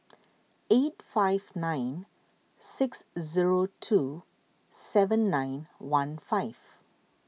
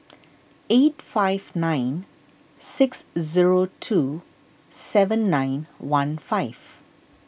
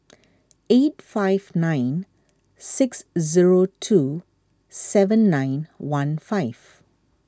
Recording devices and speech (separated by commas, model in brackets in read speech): mobile phone (iPhone 6), boundary microphone (BM630), standing microphone (AKG C214), read sentence